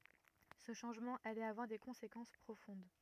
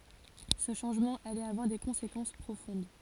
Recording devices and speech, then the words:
rigid in-ear microphone, forehead accelerometer, read sentence
Ce changement allait avoir des conséquences profondes.

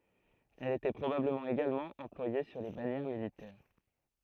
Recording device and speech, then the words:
throat microphone, read sentence
Elle était probablement également employée sur les bannières militaires.

